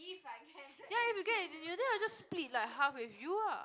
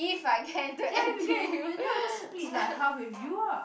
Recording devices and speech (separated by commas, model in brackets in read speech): close-talking microphone, boundary microphone, conversation in the same room